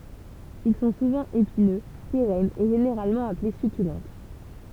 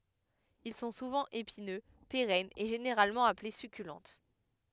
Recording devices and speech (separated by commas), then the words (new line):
temple vibration pickup, headset microphone, read sentence
Ils sont souvent épineux, pérennes, et généralement appelés succulentes.